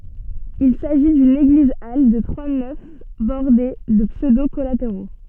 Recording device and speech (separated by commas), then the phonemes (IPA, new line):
soft in-ear microphone, read sentence
il saʒi dyn eɡlizal də tʁwa nɛf bɔʁde də psødo kɔlateʁo